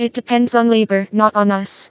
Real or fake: fake